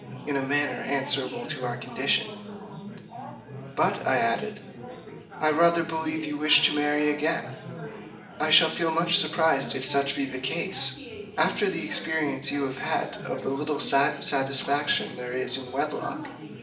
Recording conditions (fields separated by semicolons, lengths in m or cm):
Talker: one person; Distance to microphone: 1.8 m; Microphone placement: close; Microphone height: 1.0 m; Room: large; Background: babble